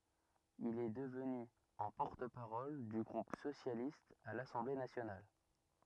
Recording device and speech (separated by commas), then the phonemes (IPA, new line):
rigid in-ear microphone, read sentence
il ɛ dəvny ɑ̃ pɔʁt paʁɔl dy ɡʁup sosjalist a lasɑ̃ble nasjonal